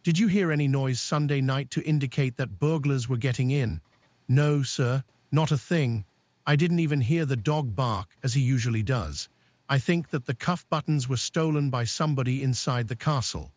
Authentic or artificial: artificial